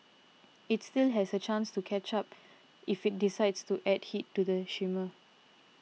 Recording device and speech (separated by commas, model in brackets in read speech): mobile phone (iPhone 6), read sentence